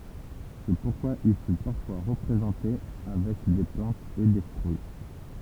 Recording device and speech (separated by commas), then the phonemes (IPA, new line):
temple vibration pickup, read sentence
sɛ puʁkwa il fy paʁfwa ʁəpʁezɑ̃te avɛk de plɑ̃tz e de fʁyi